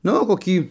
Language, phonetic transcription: Lithuanian, ˈnu koˈkį

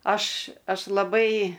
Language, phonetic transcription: Lithuanian, ˈaš ˈaš laˈbai

